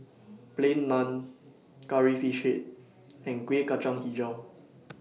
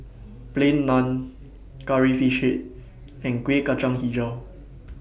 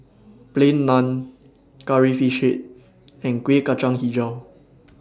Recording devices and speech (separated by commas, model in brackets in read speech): mobile phone (iPhone 6), boundary microphone (BM630), standing microphone (AKG C214), read sentence